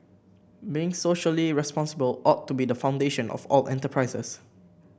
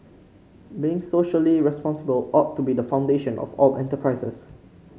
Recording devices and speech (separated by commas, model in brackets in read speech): boundary microphone (BM630), mobile phone (Samsung C5), read sentence